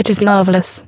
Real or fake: fake